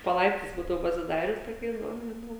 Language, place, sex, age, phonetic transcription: Lithuanian, Žemaitija, female, 18-60, po ˈlaiptais ˈbūdavo pasiˈdarius toˈkiais ˈbuvom žiˈnau

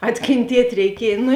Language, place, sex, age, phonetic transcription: Lithuanian, Žemaitija, female, 18-60, atkėnˈtiet' reiˈkiej ˈnu

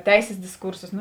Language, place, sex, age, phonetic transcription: Lithuanian, Žemaitija, female, 18-60, ˈteisės disˈkūrsos nu

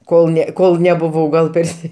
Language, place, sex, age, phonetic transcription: Lithuanian, Aukštaitija, male, 60+, ˈkol ne ˈkol nebuˈvau gal ˈpersi

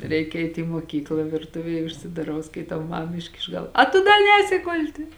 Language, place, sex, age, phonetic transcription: Lithuanian, Žemaitija, female, 18-60, ˈreik ˈeit i moˈkykla virˈtuvėj užsidaˈrau skaiˈtau ˈmam ˈiškiš ˈgal ˈa tu da ˈnēsi ˈgulti

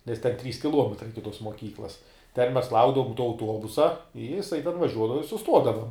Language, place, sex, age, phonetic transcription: Lithuanian, Žemaitija, male, 18-60, nes ten ˈtrys kiˈluometrai ˈiki ˈtos moˈkyklas ten mes ˈlaukdavum tuo auˈtuobusa i jiˈsai ten vaˈžiuodava i suˈstuodava

